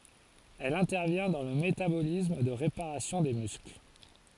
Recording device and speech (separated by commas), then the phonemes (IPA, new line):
forehead accelerometer, read sentence
ɛl ɛ̃tɛʁvjɛ̃ dɑ̃ lə metabolism də ʁepaʁasjɔ̃ de myskl